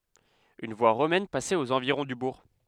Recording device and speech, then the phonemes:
headset microphone, read sentence
yn vwa ʁomɛn pasɛt oz ɑ̃viʁɔ̃ dy buʁ

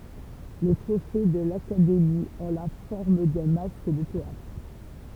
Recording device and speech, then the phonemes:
temple vibration pickup, read sentence
le tʁofe də lakademi ɔ̃ la fɔʁm dœ̃ mask də teatʁ

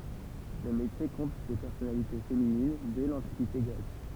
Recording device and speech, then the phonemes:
temple vibration pickup, read sentence
lə metje kɔ̃t de pɛʁsɔnalite feminin dɛ lɑ̃tikite ɡʁɛk

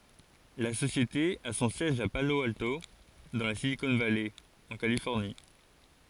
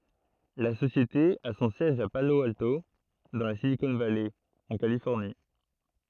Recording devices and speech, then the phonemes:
forehead accelerometer, throat microphone, read sentence
la sosjete a sɔ̃ sjɛʒ a palo alto dɑ̃ la silikɔ̃ valɛ ɑ̃ kalifɔʁni

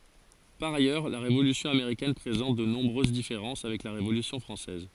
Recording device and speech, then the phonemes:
forehead accelerometer, read sentence
paʁ ajœʁ la ʁevolysjɔ̃ ameʁikɛn pʁezɑ̃t də nɔ̃bʁøz difeʁɑ̃s avɛk la ʁevolysjɔ̃ fʁɑ̃sɛz

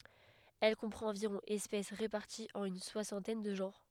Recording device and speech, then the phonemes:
headset microphone, read sentence
ɛl kɔ̃pʁɑ̃t ɑ̃viʁɔ̃ ɛspɛs ʁepaʁtiz ɑ̃n yn swasɑ̃tɛn də ʒɑ̃ʁ

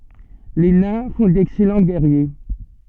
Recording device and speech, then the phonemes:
soft in-ear microphone, read sentence
le nɛ̃ fɔ̃ dɛksɛlɑ̃ ɡɛʁje

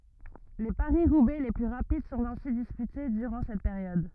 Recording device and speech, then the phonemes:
rigid in-ear microphone, read sentence
le paʁisʁubɛ le ply ʁapid sɔ̃t ɛ̃si dispyte dyʁɑ̃ sɛt peʁjɔd

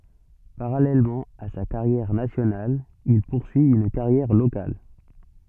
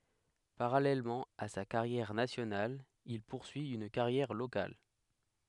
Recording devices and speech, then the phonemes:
soft in-ear microphone, headset microphone, read sentence
paʁalɛlmɑ̃ a sa kaʁjɛʁ nasjonal il puʁsyi yn kaʁjɛʁ lokal

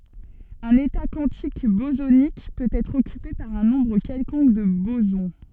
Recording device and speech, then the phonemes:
soft in-ear microphone, read sentence
œ̃n eta kwɑ̃tik bozonik pøt ɛtʁ ɔkype paʁ œ̃ nɔ̃bʁ kɛlkɔ̃k də bozɔ̃

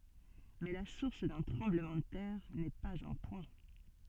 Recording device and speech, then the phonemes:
soft in-ear microphone, read sentence
mɛ la suʁs dœ̃ tʁɑ̃bləmɑ̃ də tɛʁ nɛ paz œ̃ pwɛ̃

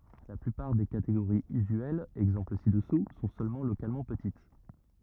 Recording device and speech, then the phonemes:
rigid in-ear microphone, read sentence
la plypaʁ de kateɡoʁiz yzyɛlz ɛɡzɑ̃pl si dəsu sɔ̃ sølmɑ̃ lokalmɑ̃ pətit

